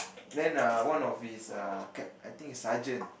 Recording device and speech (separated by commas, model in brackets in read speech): boundary microphone, conversation in the same room